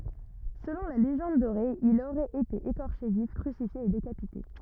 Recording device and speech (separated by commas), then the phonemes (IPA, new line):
rigid in-ear microphone, read sentence
səlɔ̃ la leʒɑ̃d doʁe il oʁɛt ete ekɔʁʃe vif kʁysifje e dekapite